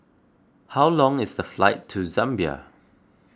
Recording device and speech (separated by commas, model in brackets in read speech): close-talking microphone (WH20), read sentence